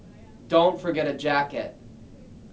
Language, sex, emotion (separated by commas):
English, male, neutral